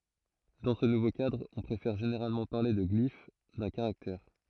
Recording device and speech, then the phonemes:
throat microphone, read sentence
dɑ̃ sə nuvo kadʁ ɔ̃ pʁefɛʁ ʒeneʁalmɑ̃ paʁle də ɡlif dœ̃ kaʁaktɛʁ

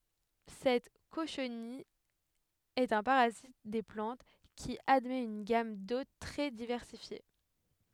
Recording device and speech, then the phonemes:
headset microphone, read sentence
sɛt koʃnij ɛt œ̃ paʁazit de plɑ̃t ki admɛt yn ɡam dot tʁɛ divɛʁsifje

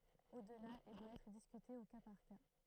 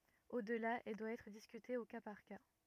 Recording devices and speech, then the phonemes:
throat microphone, rigid in-ear microphone, read sentence
odla ɛl dwa ɛtʁ diskyte o ka paʁ ka

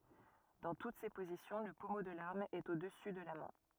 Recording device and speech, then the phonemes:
rigid in-ear microphone, read sentence
dɑ̃ tut se pozisjɔ̃ lə pɔmo də laʁm ɛt o dəsy də la mɛ̃

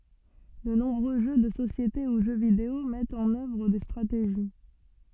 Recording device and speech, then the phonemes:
soft in-ear microphone, read sentence
də nɔ̃bʁø ʒø də sosjete u ʒø video mɛtt ɑ̃n œvʁ de stʁateʒi

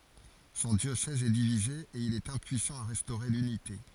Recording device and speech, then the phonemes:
forehead accelerometer, read sentence
sɔ̃ djosɛz ɛ divize e il ɛt ɛ̃pyisɑ̃ a ʁɛstoʁe lynite

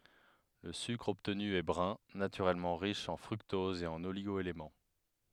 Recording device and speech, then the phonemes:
headset microphone, read sentence
lə sykʁ ɔbtny ɛ bʁœ̃ natyʁɛlmɑ̃ ʁiʃ ɑ̃ fʁyktɔz e oliɡo elemɑ̃

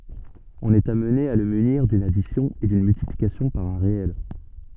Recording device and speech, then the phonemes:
soft in-ear microphone, read sentence
ɔ̃n ɛt amne a lə myniʁ dyn adisjɔ̃ e dyn myltiplikasjɔ̃ paʁ œ̃ ʁeɛl

